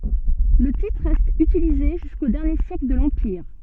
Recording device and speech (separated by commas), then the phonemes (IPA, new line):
soft in-ear microphone, read sentence
lə titʁ ʁɛst ytilize ʒysko dɛʁnje sjɛkl də lɑ̃piʁ